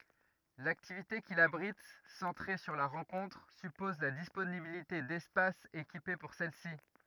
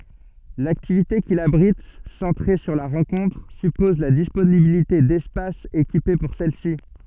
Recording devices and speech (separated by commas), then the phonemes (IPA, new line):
rigid in-ear microphone, soft in-ear microphone, read sentence
laktivite kil abʁit sɑ̃tʁe syʁ la ʁɑ̃kɔ̃tʁ sypɔz la disponibilite dɛspasz ekipe puʁ sɛl si